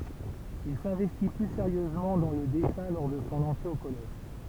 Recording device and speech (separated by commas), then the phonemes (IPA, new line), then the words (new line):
temple vibration pickup, read sentence
il sɛ̃vɛsti ply seʁjøzmɑ̃ dɑ̃ lə dɛsɛ̃ lɔʁ də sɔ̃ ɑ̃tʁe o kɔlɛʒ
Il s'investit plus sérieusement dans le dessin lors de son entrée au collège.